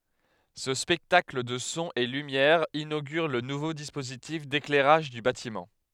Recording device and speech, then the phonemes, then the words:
headset microphone, read sentence
sə spɛktakl də sɔ̃z e lymjɛʁz inoɡyʁ lə nuvo dispozitif deklɛʁaʒ dy batimɑ̃
Ce spectacle de sons et lumières inaugure le nouveau dispositif d'éclairage du bâtiment.

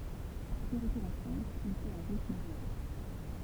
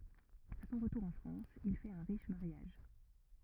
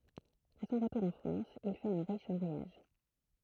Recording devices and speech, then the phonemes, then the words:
temple vibration pickup, rigid in-ear microphone, throat microphone, read sentence
a sɔ̃ ʁətuʁ ɑ̃ fʁɑ̃s il fɛt œ̃ ʁiʃ maʁjaʒ
À son retour en France, il fait un riche mariage.

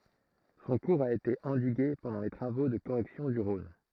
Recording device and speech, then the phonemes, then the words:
throat microphone, read sentence
sɔ̃ kuʁz a ete ɑ̃diɡe pɑ̃dɑ̃ le tʁavo də koʁɛksjɔ̃ dy ʁɔ̃n
Son cours a été endigué pendant les travaux de correction du Rhône.

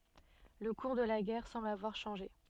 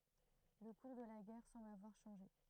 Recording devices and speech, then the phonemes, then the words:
soft in-ear microphone, throat microphone, read sentence
lə kuʁ də la ɡɛʁ sɑ̃bl avwaʁ ʃɑ̃ʒe
Le cours de la guerre semble avoir changé.

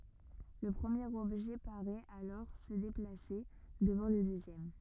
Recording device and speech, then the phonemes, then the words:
rigid in-ear microphone, read sentence
lə pʁəmjeʁ ɔbʒɛ paʁɛt alɔʁ sə deplase dəvɑ̃ lə døzjɛm
Le premier objet paraît alors se déplacer devant le deuxième.

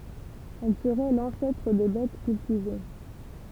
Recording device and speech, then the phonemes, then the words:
temple vibration pickup, read sentence
ɛl səʁɛ lɑ̃sɛtʁ de bɛt kyltive
Elle serait l'ancêtre des bettes cultivées.

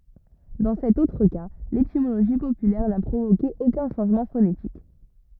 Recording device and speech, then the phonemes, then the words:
rigid in-ear microphone, read sentence
dɑ̃ sɛt otʁ ka letimoloʒi popylɛʁ na pʁovoke okœ̃ ʃɑ̃ʒmɑ̃ fonetik
Dans cet autre cas, l'étymologie populaire n'a provoqué aucun changement phonétique.

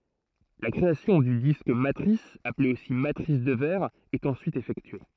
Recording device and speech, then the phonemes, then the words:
throat microphone, read sentence
la kʁeasjɔ̃ dy disk matʁis aple osi matʁis də vɛʁ ɛt ɑ̃syit efɛktye
La création du disque matrice, appelé aussi matrice de verre, est ensuite effectuée.

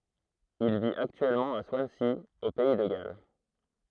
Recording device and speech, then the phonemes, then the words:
throat microphone, read sentence
il vit aktyɛlmɑ̃ a swansi o pɛi də ɡal
Il vit actuellement à Swansea, au pays de Galles.

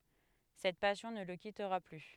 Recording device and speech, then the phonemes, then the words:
headset microphone, read sentence
sɛt pasjɔ̃ nə lə kitʁa ply
Cette passion ne le quittera plus.

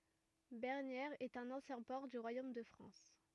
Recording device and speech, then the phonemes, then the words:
rigid in-ear microphone, read sentence
bɛʁnjɛʁz ɛt œ̃n ɑ̃sjɛ̃ pɔʁ dy ʁwajom də fʁɑ̃s
Bernières est un ancien port du royaume de France.

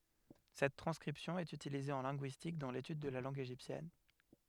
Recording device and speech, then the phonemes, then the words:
headset microphone, read sentence
sɛt tʁɑ̃skʁipsjɔ̃ ɛt ytilize ɑ̃ lɛ̃ɡyistik dɑ̃ letyd də la lɑ̃ɡ eʒiptjɛn
Cette transcription est utilisée en linguistique, dans l'étude de la langue égyptienne.

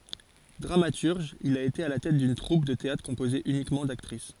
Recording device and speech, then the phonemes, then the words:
forehead accelerometer, read sentence
dʁamatyʁʒ il a ete a la tɛt dyn tʁup də teatʁ kɔ̃poze ynikmɑ̃ daktʁis
Dramaturge, il a été à la tête d'une troupe de théâtre composée uniquement d'actrices.

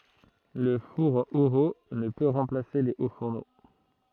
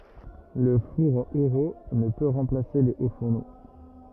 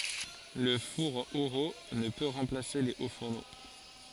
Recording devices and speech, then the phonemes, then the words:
throat microphone, rigid in-ear microphone, forehead accelerometer, read sentence
lə fuʁ eʁult nə pø ʁɑ̃plase le o fuʁno
Le four Héroult ne peut remplacer les hauts-fourneaux.

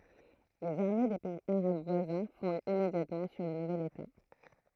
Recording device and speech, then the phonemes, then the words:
throat microphone, read sentence
lez aʁme de pɛiz aʁab vwazɛ̃ fɔ̃dt immedjatmɑ̃ syʁ lə nuvɛl eta
Les armées des pays arabes voisins fondent immédiatement sur le nouvel État.

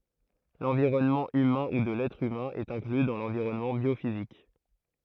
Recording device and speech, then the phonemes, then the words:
throat microphone, read sentence
lɑ̃viʁɔnmɑ̃ ymɛ̃ u də lɛtʁ ymɛ̃ ɛt ɛ̃kly dɑ̃ lɑ̃viʁɔnmɑ̃ bjofizik
L'environnement humain ou de l'être humain est inclus dans l'environnement biophysique.

